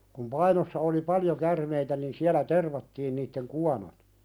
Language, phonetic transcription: Finnish, kum 'Painossa oli "paljo 'kärmeitä nin 'siälä "tervattiin nitteŋ "kuanot .
- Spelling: kun Painossa oli paljon käärmeitä niin siellä tervattiin niiden kuonot

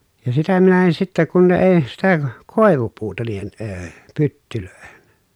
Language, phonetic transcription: Finnish, ja sitä minä en sittä kun ne èi̮ , sitä , kòevupuuta niihen əə , pyttylö̀ehen .
- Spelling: ja sitä minä en sitten kun ne ei sitä koivupuuta niihin - pyttyihin

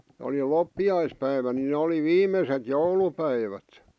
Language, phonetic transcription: Finnish, oli 'loppi₍aispäivä nin nᵉ oli "viim̆meset "joulupäivät .
- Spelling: oli loppiaispäivä niin ne oli viimeiset joulupäivät

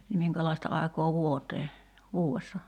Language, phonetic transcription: Finnish, ni 'miŋkälai̬sta ài̬kaa "vuotee , 'vuu₍essa ?
- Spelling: niin minkälaista aikaa vuoteen vuodessa

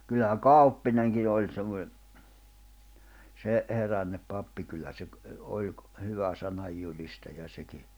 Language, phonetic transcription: Finnish, kyllähä "Kauppineŋki 'oĺ semmo(ne) , se , 'herännep 'pappi kyllä se ‿k- , 'oĺ ‿k- , 'hyvä 'sanajjuĺistaja seki .
- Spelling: kyllähän Kauppinenkin oli semmoinen se herännyt pappi kyllä se - oli - hyvä sananjulistaja sekin

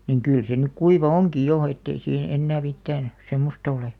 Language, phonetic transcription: Finnish, niŋ 'kỳl se nyk 'kuiva "oŋki jo ettei siihe 'ennää 'mittään , 'semmosta ole .
- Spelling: niin kyllä se nyt kuiva onkin jo että ei siihen enää mitään semmoista ole

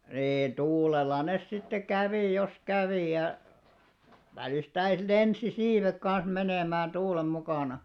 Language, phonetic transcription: Finnish, nii 'tuulela nes sitte "kävì jos 'kävì ja , 'välistäis "lensi 'siivek kan̬s 'menèmään̬§ 'tuulem 'mukàna .
- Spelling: niin tuulella ne sitten kävi jos kävi ja välistä lensi siivet kanssa menemään tuulen mukana

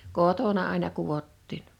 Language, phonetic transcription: Finnish, 'kotona àina 'kuvottiin .
- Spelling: kotona aina kudottiin

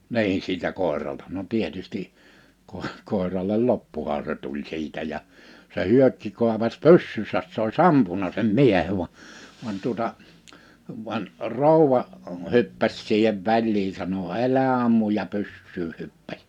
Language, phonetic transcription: Finnish, 'niin sitä 'kòi̬ralta no 'tietusti , kòe- , 'kòeraìel "loppuha se 'tuĺ 'sitä ja , se 'Hyökki ku̬apas "pyssysäs s ‿ois "ampuna sem "miehev va , van tuᵒta , van , 'ròuwa , 'hyppäs siihev 'väĺlii sano » '’elä ammuj̆ « ja 'pyssyyh̆ 'hyppäś .
- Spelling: niin sitä koiralta no tietysti - koiralle loppuhan se tuli sitä ja se Hyökki kuopaisi pyssynsä se olisi ampunut sen miehen vaan vaan tuota vaan rouva hyppäsi siihen väliin sanoi älä ammu ja pyssyyn hyppäsi

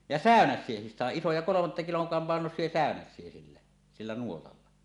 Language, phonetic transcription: Finnish, ja "sä̀önäs̆siehis 'sàeˀ 'ˀisoja "kolomatta 'kiloŋ k- 'pàenos̆sie 'sä̀önäs̆sie sillä , 'sillä 'nuotalla .
- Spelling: ja säynäviä sain isoja kolmatta kilon - painoisia säynäviä sillä sillä nuotalla

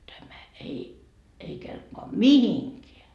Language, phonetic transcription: Finnish, 'tämä 'ei , ei 'kelpoa "mihiŋkeä .
- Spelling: tämä ei ei kelpaa mihinkään

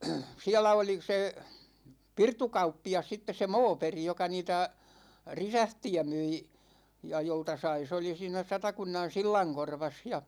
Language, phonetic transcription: Finnish, 'siälä oli 'se , 'pirtukauppi₍as sittes̆ se "Mooperi joka niitä , "risähti₍ä 'myi , ja 'jolta 'sai se oli siinä 'Satakunnan "sillaŋkorvas ja .
- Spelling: siellä oli se pirtukauppias sitten se Moberg joka niitä reseptiä myi ja jolta sai se oli siinä Satakunnan sillankorvassa ja

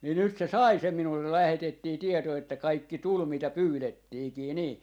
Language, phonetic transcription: Finnish, ni nyt se "sai 'sem 'minullel 'lähetettii 'tieto että 'kaikki "tul 'mitä "pyylettiikii 'nii .
- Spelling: niin nyt se sai sen minulle lähetettiin tieto että kaikki tuli mitä pyydettiinkin niin

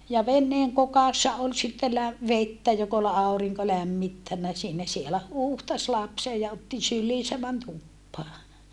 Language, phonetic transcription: Finnish, ja venneeŋ kokassa ol sitte lä- , vettä jok ‿ol àu̬riŋko lämmittännä siinä sielä huuhtas lapse ja otti sylliisä män tuppaa .
- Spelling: ja veneen kokassa oli sitten - vettä joka oli aurinko lämmittänyt siinä siellä huuhtaisi lapsen ja otti syliinsä meni tupaan

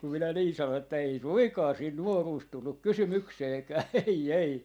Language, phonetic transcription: Finnish, kum minä 'nii 'sanon että » ei 'suiŋkaa siin "nuoruus 'tulluk "kysymykseekää 'ei 'ei » .
- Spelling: kun minä niin sanoin että ei suinkaan siinä nuoruus tullut kysymykseenkään ei ei

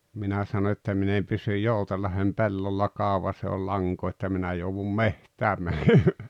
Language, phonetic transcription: Finnish, 'minä sano että » 'min ‿em pysyj "Joutell̆lahem "pellolla 'kàuva ʲᵒs ‿ei ol 'laŋkoo että minä jouvum "mehtääm mänemää « .
- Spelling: minä sanoin että minä en pysy Joutsenlahden pellolla kauan jos ei oli lankaa että minä joudun metsään menemään

